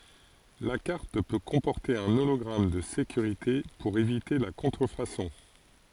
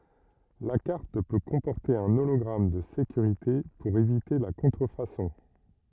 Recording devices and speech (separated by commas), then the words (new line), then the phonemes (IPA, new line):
forehead accelerometer, rigid in-ear microphone, read sentence
La carte peut comporter un hologramme de sécurité pour éviter la contrefaçon.
la kaʁt pø kɔ̃pɔʁte œ̃ olɔɡʁam də sekyʁite puʁ evite la kɔ̃tʁəfasɔ̃